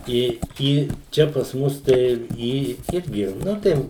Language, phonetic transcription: Lithuanian, ˈi ˈį ˈčia pas ˈmus tai ˈį ˈirgi ˈnu tai

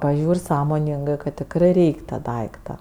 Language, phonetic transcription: Lithuanian, paˈžiūr' ˈsąmoningɜ kad tikˈrɜ ˈreik' ta ˈdaikta

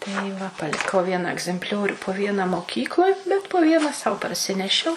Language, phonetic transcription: Lithuanian, tai ˈva paliˈkau ˈviena agzempˈliorių po ˈviena moˈkykloj bet po ˈviena sau parˈsinešiau

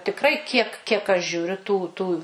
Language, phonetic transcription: Lithuanian, tikˈrai kiek kiek aš žiūˈriu tų ˈtų

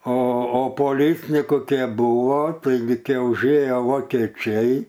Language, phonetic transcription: Lithuanian, o o poˈlicniku ˈkė ˈbuvo taiˈgi ˈkė užˈėjo vokeˈčiai

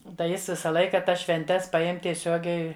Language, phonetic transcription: Lithuanian, tai ˈjis ˈvisa ˈlaika ˈtas švenˈtes paˈjem tieˈsiogiai

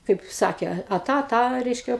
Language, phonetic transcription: Lithuanian, ˈkaip ˈsakė a ˈtą a ˈtą ˈreiškia

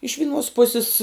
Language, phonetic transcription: Lithuanian, iš viˈnuos ˈpusis

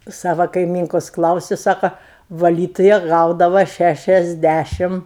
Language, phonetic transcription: Lithuanian, ˈsava kaiˈmynkos ˈklausiu ˈsako vaˈlytuja ˈgaudava ˌšæšiasˈdæšim

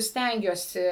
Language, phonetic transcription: Lithuanian, ˈstengiuosi

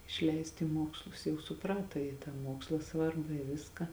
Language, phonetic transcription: Lithuanian, išˈleist į ˈmuokslus jau suˈprata ji tą ˈmuoksla ˈsvarba i ˈviska

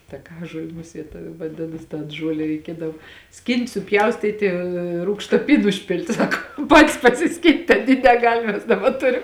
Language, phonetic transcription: Lithuanian, taˈkažuoli ˈmusiet vaˈdinas tan ˈžuole reiˈkiedav ˈskynt suˈpjaustyti ˈrūgšta ˈpyn užˈpilti ˈsakom ˈpatis pasiˈskynt aˈny neˈgal' ˈmes ˈdaba ˈturim

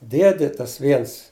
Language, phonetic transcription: Lithuanian, ˈdiedi ˈtas ˈviens

